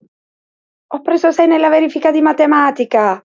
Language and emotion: Italian, happy